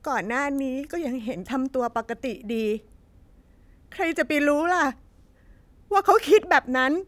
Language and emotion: Thai, sad